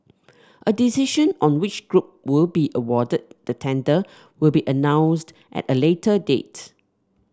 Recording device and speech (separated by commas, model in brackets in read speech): standing microphone (AKG C214), read sentence